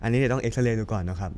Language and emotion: Thai, neutral